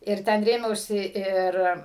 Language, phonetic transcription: Lithuanian, ir ˈten ˈrėmiausi ˈir

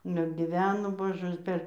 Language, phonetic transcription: Lithuanian, ˈnu ir giˈveno ˈbožɜs ˈ per

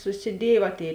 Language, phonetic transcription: Lithuanian, susiˈdiej va ˈtėi

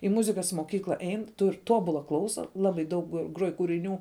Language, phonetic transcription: Lithuanian, i ˈmuzikas moˈkykla ˈein tur' ˈtobula ˈklausa ˈlabai daug ˈgruoj kūriˈnių

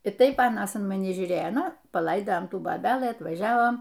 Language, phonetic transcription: Lithuanian, i ˈtaip ˈanas in maˈni žiūˈrėjo ˈnu paˈlaidajam ˈtų boˈbelɨ atvaˈžiavom

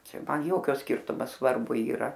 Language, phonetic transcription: Lithuanian, ˈčia ˈman ˈjokio ˈskirtumo svarˈbu yˈra

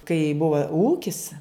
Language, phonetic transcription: Lithuanian, kai ˈbuva ˈūkis

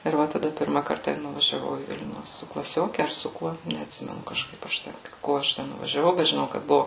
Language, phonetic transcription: Lithuanian, ir ˈva taˈda ˈpirma ˈkarta ir nuvažiaˈvau į ˈvilnių su klaˈsioke ar su ˈkuo neatˈsimenu kažˈkaip aš ˈten ˈko aš ˈten nuvažiaˈvau bet žiˈnau kad ˈbuvu

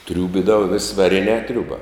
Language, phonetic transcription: Lithuanian, ˈtriūbidava vės' vaˈrinē ˈtriūba

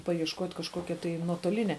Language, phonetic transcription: Lithuanian, pajiešˈkot' kažˈkokia tai nuotoˈlinia

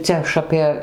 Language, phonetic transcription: Lithuanian, ˈcia aš ˈapė

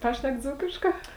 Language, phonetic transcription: Lithuanian, ˈpašnek ˈdzūkiškā

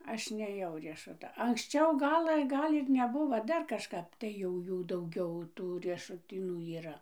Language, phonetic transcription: Lithuanian, ˈaš nėˈjau riešuˈta anksˈčiau ˈgalɘ ˈgal' ir neˈbuvo ˈdar kažˈkap tai jau ˈjų dauˈgiau ˈtų riešuˈtynų yˈra

